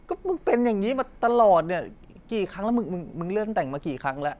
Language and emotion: Thai, frustrated